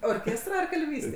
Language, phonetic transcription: Lithuanian, orˈkėstra ar kalˈvystė

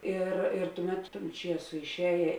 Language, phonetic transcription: Lithuanian, ˈir ir ˈtuˌmet ton ˈčieso išˈējė

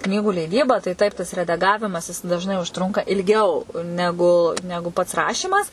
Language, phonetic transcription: Lithuanian, ˈknygų leiˈdyba tai ˈtaip tas redaˈgavimas ˈjis dažˈnai užˈtrunka ilˈgiau ˈnegu ˈnegu pats ˈrašymas

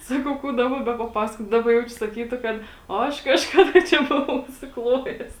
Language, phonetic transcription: Lithuanian, ˈsakau ˈkų ˈdaba bepaˈpasakot ˈdaba ˈjaučiu saˈkytu ˈkad o ˈaš kažˈkada ˈčia ˈbuvau užsiˈklojes

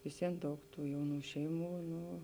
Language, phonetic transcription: Lithuanian, visˈvien ˈdaug ˈtų ˈjauˌnų ˈšeiˌmų ˈnu

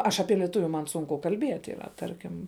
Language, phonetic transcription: Lithuanian, ˈaš aˈpie lieˈtuviu man ˈsunku kalˈbiet' yˈra ˈtarkim

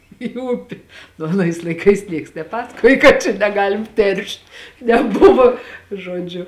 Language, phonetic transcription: Lithuanian, į ˈupi nu aˈnais laiˈkais ˈnieks neˈpasakoj kad ˈčia neˈgalim ˈteršt neˈbuvo žoˈdžiu

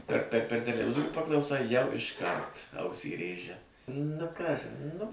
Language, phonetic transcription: Lithuanian, per per ˈper teleˈvizorių paklauˈsai jau išˈkart ˈausį ˈrėžia nu ˈkažin ˈnu

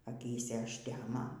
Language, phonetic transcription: Lithuanian, aˈkyse ažˈtemo

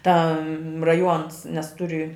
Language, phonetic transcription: Lithuanian, ˈta raˈjuons nes ˈturi

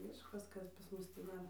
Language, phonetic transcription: Lithuanian, ˈmiškas ˈkas pas ˈmus tį ˈdar

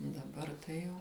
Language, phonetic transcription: Lithuanian, daˈbar tai ˈjau

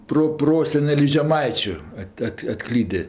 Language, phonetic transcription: Lithuanian, proˈprosenelis žeˈmaičiu ˈat' ˈat' atˈklydė

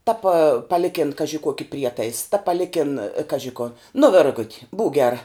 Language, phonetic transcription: Lithuanian, ta pa paˈlikin ˈkaži ˈkuoki ˈprietais ta paˈlikin ˈkaži ko nu ˈvirgut' būk ˈgera

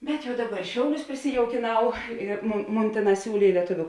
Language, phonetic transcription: Lithuanian, bet ˈjau ˈdaˌba ir ˈšiauˌlius prisijaukėˈnau ir ˈmon ˈmon ˈtėˌnās ˈsiūlė i lieˈtuviu

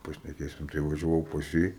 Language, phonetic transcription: Lithuanian, pašneˈkėsim tai važiaˈvau pas ˈjį

